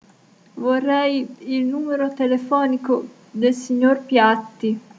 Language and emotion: Italian, fearful